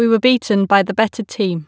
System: none